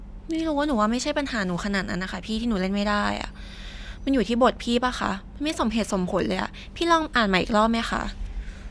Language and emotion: Thai, angry